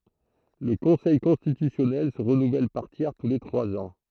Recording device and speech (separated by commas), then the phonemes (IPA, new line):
throat microphone, read sentence
lə kɔ̃sɛj kɔ̃stitysjɔnɛl sə ʁənuvɛl paʁ tjɛʁ tu le tʁwaz ɑ̃